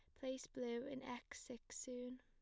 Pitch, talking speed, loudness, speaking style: 250 Hz, 180 wpm, -49 LUFS, plain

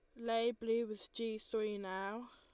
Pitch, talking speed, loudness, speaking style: 225 Hz, 170 wpm, -40 LUFS, Lombard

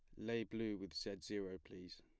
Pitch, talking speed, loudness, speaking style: 100 Hz, 200 wpm, -46 LUFS, plain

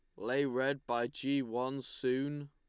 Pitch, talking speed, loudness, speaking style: 135 Hz, 160 wpm, -35 LUFS, Lombard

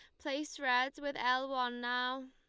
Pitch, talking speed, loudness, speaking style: 260 Hz, 170 wpm, -35 LUFS, Lombard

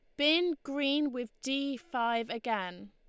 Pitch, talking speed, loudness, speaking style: 250 Hz, 135 wpm, -32 LUFS, Lombard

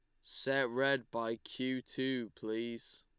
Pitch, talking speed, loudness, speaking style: 125 Hz, 130 wpm, -37 LUFS, Lombard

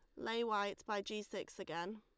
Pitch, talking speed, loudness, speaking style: 210 Hz, 200 wpm, -42 LUFS, Lombard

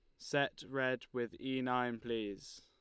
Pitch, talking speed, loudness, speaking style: 125 Hz, 150 wpm, -38 LUFS, Lombard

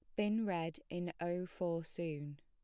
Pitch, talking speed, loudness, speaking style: 175 Hz, 165 wpm, -40 LUFS, plain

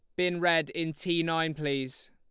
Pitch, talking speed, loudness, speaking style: 165 Hz, 190 wpm, -29 LUFS, Lombard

